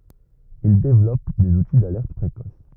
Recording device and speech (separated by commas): rigid in-ear microphone, read sentence